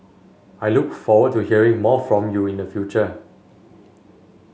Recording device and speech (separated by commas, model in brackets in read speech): mobile phone (Samsung S8), read sentence